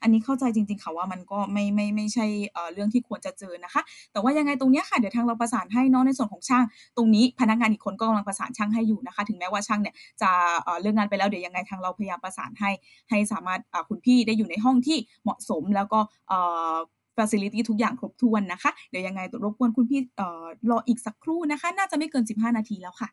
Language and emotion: Thai, neutral